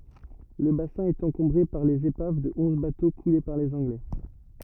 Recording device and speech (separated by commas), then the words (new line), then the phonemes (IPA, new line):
rigid in-ear microphone, read sentence
Le bassin est encombré par les épaves de onze bateaux coulés par les Anglais.
lə basɛ̃ ɛt ɑ̃kɔ̃bʁe paʁ lez epav də ɔ̃z bato kule paʁ lez ɑ̃ɡlɛ